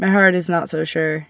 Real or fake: real